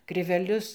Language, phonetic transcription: Lithuanian, kriveˈlius

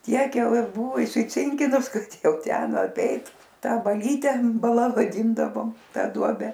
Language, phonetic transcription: Lithuanian, ˈtiek ˈjau ˈji ˈbuvu isiˈcinkinus ˈkad ˈjau ˈten aˈpeit ˈtą baˈlyte baˈla vaˈdyndavom ˈtą ˈduobe

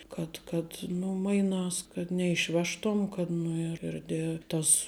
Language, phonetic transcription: Lithuanian, kad kad ˈnu ˈmainās kad neišˈvežtuom kad ˈnu ir ir de ˈtas

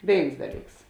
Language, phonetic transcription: Lithuanian, ˈvėins ˈdaˌlyks

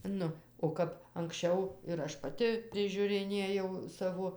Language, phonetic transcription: Lithuanian, ˈnu o ˈkap anksˈčiau ir ˈaš paˈti prižiuriˈnėjau ˈsavo

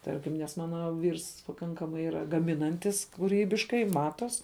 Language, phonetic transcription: Lithuanian, ˈtarkim nes ˈmana ˈvyrs paˈkankamai ˈyra gaˈminantis kūˈrybiškai ˈmatos

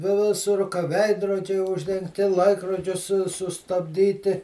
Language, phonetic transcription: Lithuanian, vi ˈvisur ka ˈveidrodžiai uždengˈti ˈlaikrodžius su sustabˈdyti

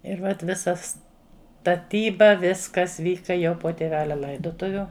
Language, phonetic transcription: Lithuanian, ir vat ˈvisa staˈtyba ˈviskas ˈvyka jau po tėˈvelia ˈlaidotuviu

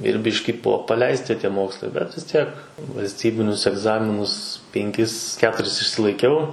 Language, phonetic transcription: Lithuanian, ir ˈbiški ˈbuvo paˈleisti ˈtie ˈmokslai bet vis ˈtiek valsˈtybinius egˈzaminus penˈkis ˈketuris išsilaiˈkiau

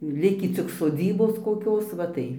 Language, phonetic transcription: Lithuanian, ˈlikį cik soˈdzybos koˈkios ˈva tai

